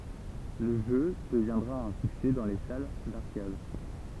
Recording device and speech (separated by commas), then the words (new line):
temple vibration pickup, read sentence
Le jeu deviendra un succès dans les salles d'arcades.